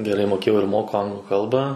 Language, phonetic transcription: Lithuanian, geˈrai moˈkėjau ir ˈmoku ˈanglu ˈkalbą

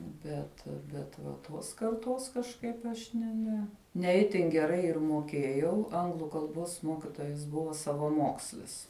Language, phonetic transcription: Lithuanian, ˈbet bet va ˈtos karˈtos kažˈkaip aš ne ˈne ne ˈitin geˈrai ir moˈkėjau ˈanglu kalˈbos ˈmokitojas ˈbuva savaˈmokslis

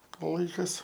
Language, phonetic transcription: Lithuanian, ˈlaikas

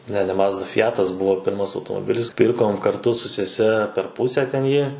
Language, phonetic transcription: Lithuanian, ne ne ˈmazda fiˈjatas ˈbuvo ˈpirmas automoˈbilis ˈpirkom karˈtu su seˈse per ˈpuse ten ˈjį

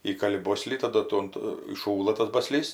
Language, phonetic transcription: Lithuanian, ˈįkali ˈboslį taˈdu ˈtuom tu įˈšųla tas ˈbaˈslys

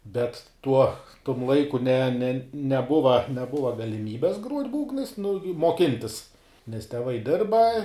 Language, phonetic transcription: Lithuanian, ˈbet ˈtuo tum ˈlaiku ne ne neˈbuva neˈbuva galiˈmybes gruot' ˈbūgnais nu ju muoˈkintis nes teˈvai ˈdirba

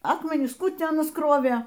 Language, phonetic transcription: Lithuanian, ˈakmenis ˈkų ˈtį ˈanas ˈkrovė

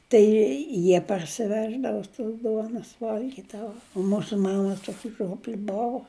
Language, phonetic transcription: Lithuanian, ˈtai ˈjie parsiˈveždavo tos ˈduonos ˈvalgydavo o ˈmūsu ˈmama ˈtuoki ˈžiuopli ˈbovu

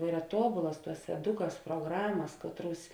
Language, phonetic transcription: Lithuanian, ˈyra ˈtuobulas ˈtuos eˈdukas pruoˈgramas ˈkatˌruos

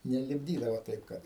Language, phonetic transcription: Lithuanian, nelipˈdydavo ˈtaip kad

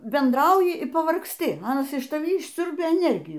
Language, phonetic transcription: Lithuanian, bendˈrauji y pavargsˈti ˈnu aˈnas iš taˈvį išˈsiurbia eˈnergijų

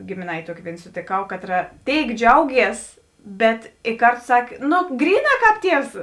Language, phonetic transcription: Lithuanian, gėmėˈnaitė ˈtuokė ˈvėin sotėˈkau ˈkatˌra ˈtėik ˈdžiauˌgies ˈbet i ˈkartu ˈsakė ˈno ˈgryˌnā ˈkāp ˈtievs

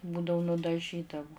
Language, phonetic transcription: Lithuanian, ˈbūdavu nudaˈžydavu

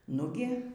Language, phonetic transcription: Lithuanian, ˈnugi

